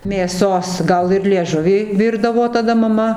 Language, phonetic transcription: Lithuanian, mėˈsos ˈgal ir lieˈžuvį ˈvyrdavo taˈda maˈma

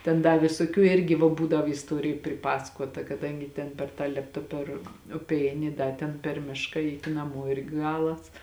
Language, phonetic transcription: Lithuanian, ten ˈda visoˈkių ˈirgi va ˈbūdav isˈtuoriju priˈpasakuota kaˈdangi ten per ˈtą ˈlėpta per ˈupe ˈeini i ˈda ten per ˈmiška ˈeiti naˈmo ˈirgi ˈgalas

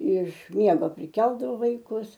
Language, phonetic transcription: Lithuanian, iš ˈmiego priˈkeldavo vaiˈkus

